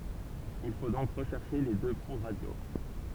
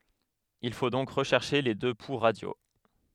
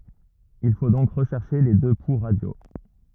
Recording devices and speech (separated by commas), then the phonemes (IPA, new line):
temple vibration pickup, headset microphone, rigid in-ear microphone, read sentence
il fo dɔ̃k ʁəʃɛʁʃe le dø pu ʁadjo